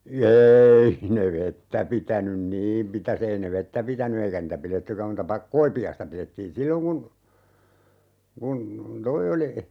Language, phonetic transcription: Finnish, 'eei ne "vettä 'pitänyn "niim mitä's ‿ei ne "vettä 'pitäny 'eikä niitä "pilettykäm muuta 'pak - 'koipi₍aista 'pilettiin "silloŋ kun , 'kun , "toi oli ,.
- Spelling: ei ne vettä pitänyt niin mitäs ei ne vettä pitänyt eikä niitä pidettykään muuta koipiaista pidettiin silloin kun kun tuo oli

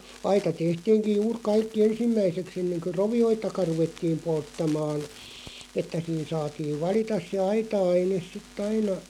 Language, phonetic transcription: Finnish, 'aita "tehtiiŋkiʲ "juur 'kaikki "ensimmäisek's ‿enneŋkö "rovi₍oitaka 'ruvettiim 'polttamaan , 'että siin 'saatiiᵛ "valitas se 'aita₍aineˢ sit't ‿aina ,.
- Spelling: aita tehtiinkin juuri kaikki ensimmäiseksi ennen kuin rovioitakaan ruvettiin polttamaan että siinä saatiin valita se aita-aine sitten aina

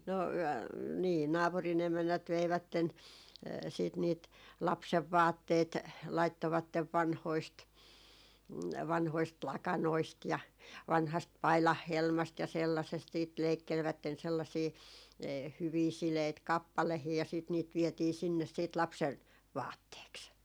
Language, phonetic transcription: Finnish, no , 'nii , 'naapuri'n ‿emännät 'veivätten siit niit , "lapsevvaatteet , 'laittovattev "vanhoist , 'vanhoist "lakanoist ja 'vanhast "pailahhelmast ja 'sellasest siit 'leikkelvätten 'sellasii , 'hyvii 'sileit "kappalehii ja siit niit vietii sinnes siit , 'lapsen , "vaatteeks .
- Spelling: no niin naapurin emännät veivät sitten niitä lapsenvaatteet laittoivat vanhoista vanhoista lakanoista ja vanhasta paidanhelmasta ja sellaisesta sitten leikkelivät sellaisia hyviä sileitä kappaleita ja sitten niitä vietiin sinne sitten lapsen vaatteeksi

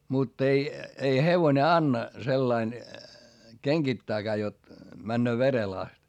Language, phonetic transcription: Finnish, mutt ‿ei , ei hevone anna , sellain , keŋGittääkää jot , männöö verel ‿ast .
- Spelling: mutta ei ei hevonen anna sellaisen kengittääkään jotta menee verelle asti

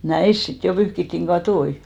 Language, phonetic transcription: Finnish, "näis 'sit jo 'pyhkittiŋ "ɢatoi .
- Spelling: näissä sitten jo pyyhittiin kattoja

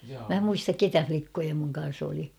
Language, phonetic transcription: Finnish, mä 'muistak "ketä 'flikkoja muŋ kan̬s ‿oli .
- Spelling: minä muista keitä likkoja minun kanssa oli

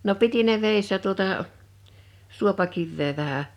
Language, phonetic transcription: Finnish, no 'piti ne 'vèissä 'tuotà’ , "suopakivvee 'vähä .
- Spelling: no piti ne vedessä tuota suopakiveä vähän

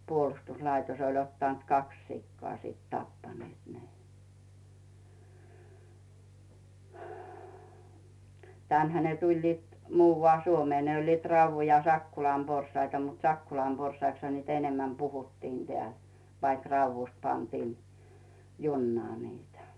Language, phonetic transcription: Finnish, 'puolᵘstus'laitos oĺ ottànt "kaks 'sikkoa sìt 'tappanⁱèt "ne 'tä̀nhä ne 'tuĺliit , 'muuvvà(l) 'Suomee ne oĺliit 'Rauvvu ja 'Sakkulam porsaita mut "Sakkulam 'porsaiksha niit 'enemmäm 'puhuttiin tᵉä̀l , vaik "Rauvvust 'pantiin , 'junnaa niitä .
- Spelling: puolustuslaitos oli ottanut kaksi sikaa sitten tappaneet ne tännehän ne tulivat muualle Suomeen ne olivat Raudun ja Sakkolan porsaita mutta Sakkolan porsaiksihan niitä enemmän puhuttiin täällä vaikka Raudusta pantiin junaan niitä

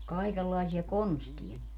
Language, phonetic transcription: Finnish, 'kaikellaisia "konstiʲa niill ‿(oĺ) .
- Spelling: kaikenlaisia konsteja niillä oli

